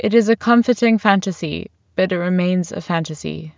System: none